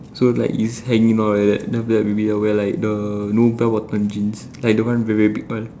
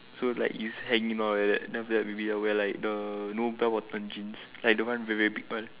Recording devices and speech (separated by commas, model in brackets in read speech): standing microphone, telephone, conversation in separate rooms